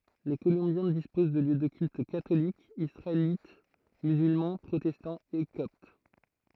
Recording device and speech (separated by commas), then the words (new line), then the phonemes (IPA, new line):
throat microphone, read sentence
Les Colombiens disposent de lieux de culte catholique, israélite, musulman, protestant et copte.
le kolɔ̃bjɛ̃ dispoz də ljø də kylt katolik isʁaelit myzylmɑ̃ pʁotɛstɑ̃ e kɔpt